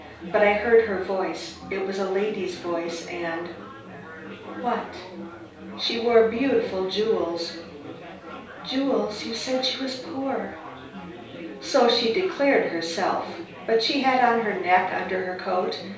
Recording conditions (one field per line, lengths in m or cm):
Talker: one person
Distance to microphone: 3.0 m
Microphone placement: far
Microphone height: 1.8 m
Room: small (3.7 m by 2.7 m)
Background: babble